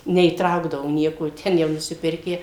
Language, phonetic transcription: Lithuanian, neįˈtraukdavo ˈnieko ˈten jau nusiˈpirkę

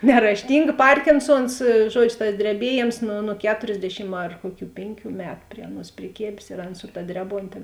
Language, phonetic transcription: Lithuanian, nerašˈtinga ˈparkinˌsuons ˈžuodžiu tas dreˈbieˌjėms nu nu ˈketorsˌdešim ar ˈkuoˌkių ˈpėnˌkių ˈmetu ˈprie aˌnuos priˈkėbės ir ˈaˌna su ta ˈdreˌbontė

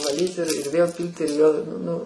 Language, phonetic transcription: Lithuanian, vaˈlyt ir ir vėl ˈpyl't' ir vėl ˈnu

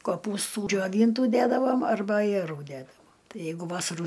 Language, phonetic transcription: Lithuanian, koˈpūstų džioˈvyntų ˈdædavom arˈba ajeˈrų ˈdædavom ˈtai ˈjeigu ˈvasarų

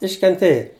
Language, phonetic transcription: Lithuanian, iškenˈtėja

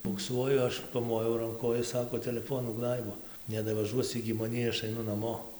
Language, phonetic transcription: Lithuanian, bukˈsuoju ˈaš paˈmojau ranˈku o ˈjis ˈsako teleˈfonų ˈgnaibo nedavaˈžuos igi maˈnį ˈaš aiˈnu naˈmo

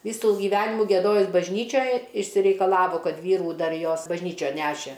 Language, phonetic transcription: Lithuanian, ˈvysų giˈvenimų gieˈdojus bažˈnyčioj išsireikaˈlavo ˈkad ˈvyrų ˈdar ˈjos bažˈnyčion ˈnešė

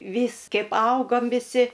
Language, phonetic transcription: Lithuanian, ˈvys ˈkeip ˈaugom viˈsi

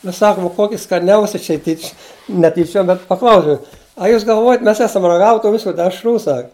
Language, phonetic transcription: Lithuanian, nu ˈsakum ˈkoki skaˈniausia ˈčia tyč' ne tyˈčiuom bet paˈklausiau a ˈjūs galˈvuojat ˈmes ˈesam raˈgave tų ˈvisu dešˈrų sak

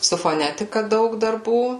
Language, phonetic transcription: Lithuanian, su foˈnetika ˈdaug darˈbų

